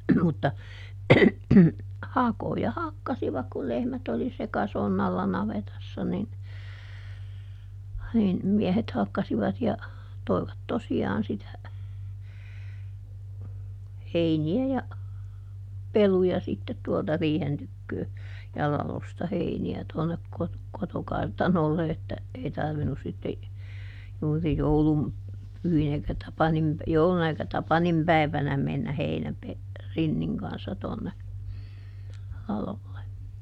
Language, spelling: Finnish, mutta hakoja hakkasivat kun lehmät oli sekasonnalla navetassa niin niin miehet hakkasivat ja toivat tosiaan sitä heiniä ja peluja sitten tuolta riihen tykö ja ladosta heiniä tuonne - kotokartanolle että ei tarvinnut sitten juuri joulun pyhinä eikä Tapanin - jouluna eikä Tapanin päivänä mennä - rinnin kanssa tuonne ladolle
- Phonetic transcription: mutta , "hakoja ˈhakkasivak kul ˈlehmät ‿oli "sekasonnalla ˈnavetassa nin , nin , ˈmiɛhet ˈhakkasivat ja , ˈtoi̮vat ˈtosi₍aan sitä , ˈheini₍ä ja , ˈpeluja sittet tuolta ˈriihen tykköö , ja ˈlalosta ˈheini₍ä tuonnek kot- , ˈkotokartanolle että , ˈei "tarvinus sitte , juuri "joulum , ˈpyhinä eikä ˈTapanim pä- , ˈjouluna eikä "Tapanim päi̮vänä mennä ˈheinäpe- , ˈrinniŋ kanssa tonne , ˈlalolle .

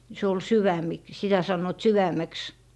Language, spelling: Finnish, se oli - sitä sanoivat sydämeksi
- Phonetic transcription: se ol "syvämik- , 'sitä sannoⁱt "syväm̀eks .

